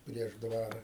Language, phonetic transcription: Lithuanian, prieš ˈdvara

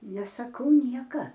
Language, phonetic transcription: Lithuanian, nesaˈkau ˈnieka

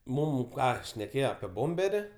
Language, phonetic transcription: Lithuanian, ˈmūm ˈką šneˈkėjo apie ˈbomberi

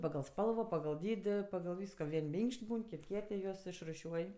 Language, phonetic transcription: Lithuanian, pagal ˈspalvo pagal ˈdydi pagal ˈvysko ˈvien' ˈminkš't' ˈbūn ˈkit' ˈkiet' i ˈjuos išruˈšiuoj

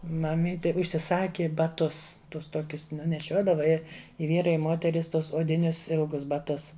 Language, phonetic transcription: Lithuanian, maˈmyti užsiˈsaki baˈtus ˈtus ˈtuokius ˈnu neˈšiuodava ˈi i ˈvyrai i ˈmoteris ˈtuos odiˈnius ˈilgus baˈtus

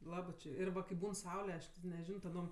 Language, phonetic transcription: Lithuanian, ˈlabɜ či ir ˈva kai ˈbūn ˈsaule ˈaš ti neˈžino taˈdom

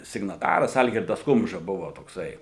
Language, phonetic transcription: Lithuanian, signaˈtaras ˈalgirdas ˈkumža ˈbuvo tokˈsai

